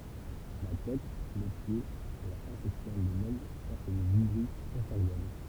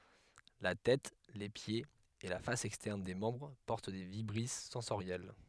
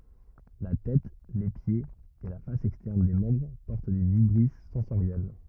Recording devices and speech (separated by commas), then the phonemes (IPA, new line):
temple vibration pickup, headset microphone, rigid in-ear microphone, read sentence
la tɛt le pjez e la fas ɛkstɛʁn de mɑ̃bʁ pɔʁt de vibʁis sɑ̃soʁjɛl